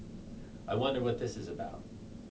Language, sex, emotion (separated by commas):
English, male, neutral